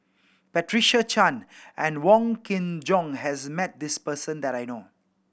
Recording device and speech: boundary microphone (BM630), read sentence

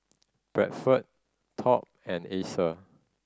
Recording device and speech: standing microphone (AKG C214), read sentence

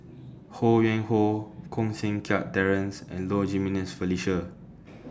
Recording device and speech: standing microphone (AKG C214), read sentence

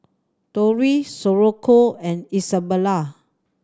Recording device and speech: standing microphone (AKG C214), read sentence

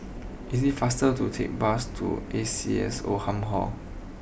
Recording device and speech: boundary microphone (BM630), read sentence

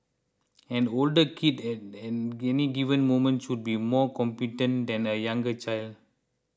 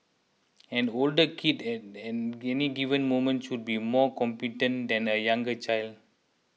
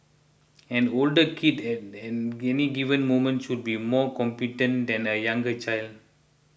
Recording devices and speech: close-talking microphone (WH20), mobile phone (iPhone 6), boundary microphone (BM630), read sentence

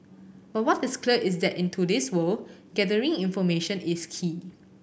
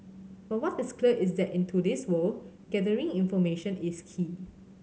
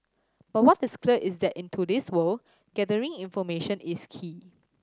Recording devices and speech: boundary microphone (BM630), mobile phone (Samsung C7100), standing microphone (AKG C214), read sentence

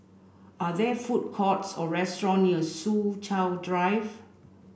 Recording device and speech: boundary microphone (BM630), read sentence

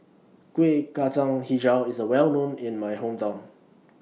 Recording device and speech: mobile phone (iPhone 6), read sentence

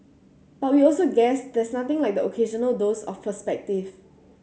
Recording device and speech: mobile phone (Samsung C7100), read sentence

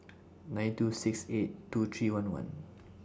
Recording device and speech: standing microphone (AKG C214), read sentence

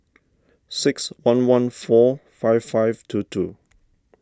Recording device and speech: standing microphone (AKG C214), read sentence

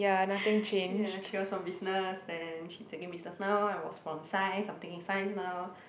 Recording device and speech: boundary microphone, conversation in the same room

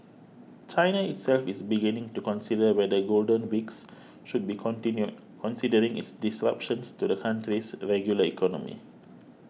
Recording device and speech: mobile phone (iPhone 6), read sentence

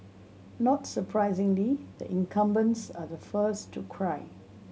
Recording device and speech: mobile phone (Samsung C7100), read sentence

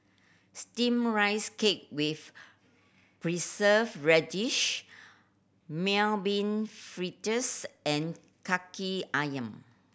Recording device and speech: boundary microphone (BM630), read sentence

